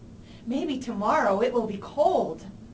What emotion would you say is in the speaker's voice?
neutral